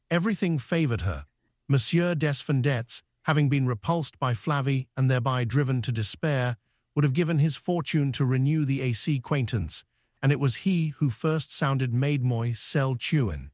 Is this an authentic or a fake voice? fake